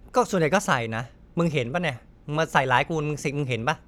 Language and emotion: Thai, frustrated